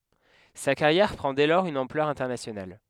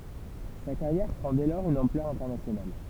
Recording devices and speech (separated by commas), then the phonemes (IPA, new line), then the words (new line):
headset microphone, temple vibration pickup, read sentence
sa kaʁjɛʁ pʁɑ̃ dɛ lɔʁz yn ɑ̃plœʁ ɛ̃tɛʁnasjonal
Sa carrière prend dès lors une ampleur internationale.